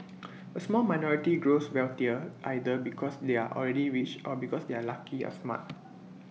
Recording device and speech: mobile phone (iPhone 6), read sentence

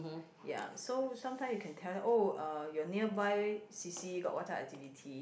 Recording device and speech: boundary microphone, conversation in the same room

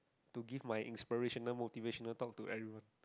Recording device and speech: close-talking microphone, conversation in the same room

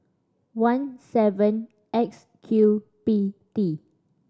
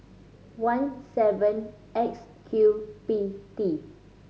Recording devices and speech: standing microphone (AKG C214), mobile phone (Samsung C5010), read sentence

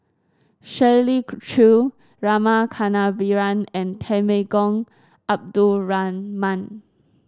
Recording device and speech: standing microphone (AKG C214), read sentence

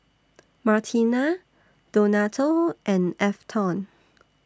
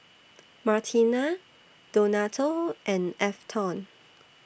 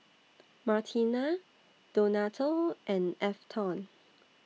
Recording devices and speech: standing microphone (AKG C214), boundary microphone (BM630), mobile phone (iPhone 6), read sentence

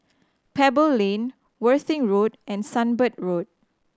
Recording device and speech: standing microphone (AKG C214), read sentence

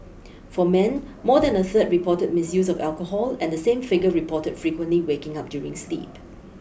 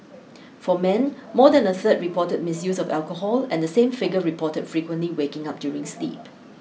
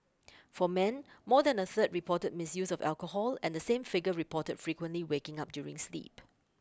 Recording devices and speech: boundary microphone (BM630), mobile phone (iPhone 6), close-talking microphone (WH20), read sentence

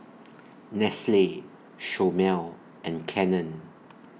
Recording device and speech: mobile phone (iPhone 6), read sentence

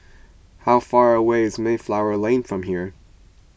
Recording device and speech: boundary microphone (BM630), read sentence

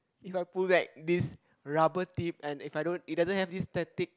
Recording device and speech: close-talking microphone, conversation in the same room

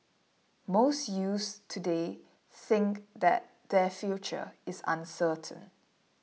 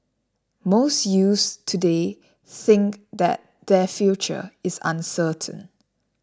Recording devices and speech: mobile phone (iPhone 6), standing microphone (AKG C214), read sentence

